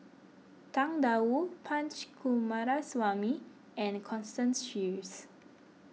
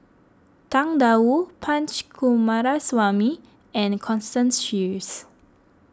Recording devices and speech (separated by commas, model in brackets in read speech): mobile phone (iPhone 6), close-talking microphone (WH20), read sentence